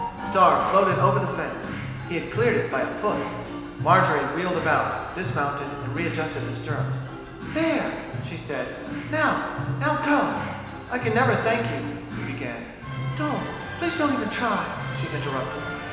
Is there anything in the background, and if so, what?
Music.